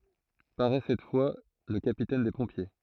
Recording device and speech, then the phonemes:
throat microphone, read sentence
paʁɛ sɛt fwa lə kapitɛn de pɔ̃pje

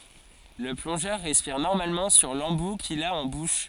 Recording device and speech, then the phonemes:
forehead accelerometer, read sentence
lə plɔ̃ʒœʁ ʁɛspiʁ nɔʁmalmɑ̃ syʁ lɑ̃bu kil a ɑ̃ buʃ

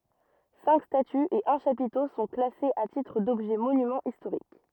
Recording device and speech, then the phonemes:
rigid in-ear microphone, read sentence
sɛ̃k statyz e œ̃ ʃapito sɔ̃ klasez a titʁ dɔbʒɛ monymɑ̃z istoʁik

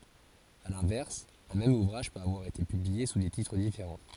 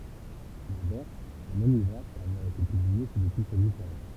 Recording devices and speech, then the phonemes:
forehead accelerometer, temple vibration pickup, read sentence
a lɛ̃vɛʁs œ̃ mɛm uvʁaʒ pøt avwaʁ ete pyblie su de titʁ difeʁɑ̃

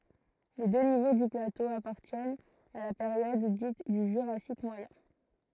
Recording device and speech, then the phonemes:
throat microphone, read sentence
le dø nivo dy plato apaʁtjɛnt a la peʁjɔd dit dy ʒyʁasik mwajɛ̃

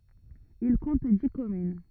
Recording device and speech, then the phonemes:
rigid in-ear microphone, read sentence
il kɔ̃t di kɔmyn

